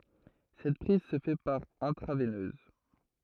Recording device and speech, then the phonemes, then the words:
throat microphone, read sentence
sɛt pʁiz sə fɛ paʁ ɛ̃tʁavɛnøz
Cette prise se fait par intraveineuse.

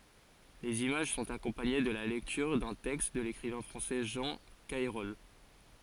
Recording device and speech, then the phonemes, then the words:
forehead accelerometer, read sentence
lez imaʒ sɔ̃t akɔ̃paɲe də la lɛktyʁ dœ̃ tɛkst də lekʁivɛ̃ fʁɑ̃sɛ ʒɑ̃ kɛʁɔl
Les images sont accompagnées de la lecture d'un texte de l'écrivain français Jean Cayrol.

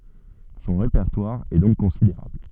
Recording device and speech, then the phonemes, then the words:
soft in-ear microphone, read sentence
sɔ̃ ʁepɛʁtwaʁ ɛ dɔ̃k kɔ̃sideʁabl
Son répertoire est donc considérable.

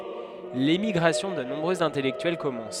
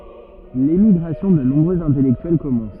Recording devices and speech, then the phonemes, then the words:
headset microphone, rigid in-ear microphone, read sentence
lemiɡʁasjɔ̃ də nɔ̃bʁøz ɛ̃tɛlɛktyɛl kɔmɑ̃s
L'émigration de nombreux intellectuels commence.

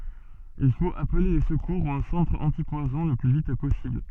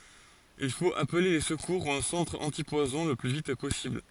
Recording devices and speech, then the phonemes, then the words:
soft in-ear microphone, forehead accelerometer, read sentence
il fot aple le səkuʁ u œ̃ sɑ̃tʁ ɑ̃tipwazɔ̃ lə ply vit pɔsibl
Il faut appeler les secours ou un centre antipoison le plus vite possible.

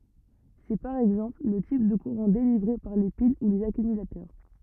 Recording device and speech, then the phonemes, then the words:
rigid in-ear microphone, read sentence
sɛ paʁ ɛɡzɑ̃pl lə tip də kuʁɑ̃ delivʁe paʁ le pil u lez akymylatœʁ
C'est, par exemple, le type de courant délivré par les piles ou les accumulateurs.

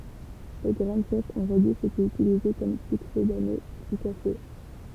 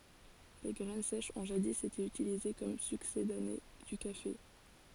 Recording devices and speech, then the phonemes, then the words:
temple vibration pickup, forehead accelerometer, read sentence
le ɡʁɛn sɛʃz ɔ̃ ʒadi ete ytilize kɔm syksedane dy kafe
Les graines sèches ont jadis été utilisées comme succédané du café.

